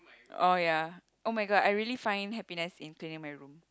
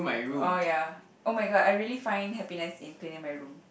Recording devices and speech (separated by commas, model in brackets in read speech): close-talking microphone, boundary microphone, conversation in the same room